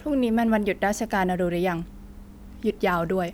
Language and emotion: Thai, frustrated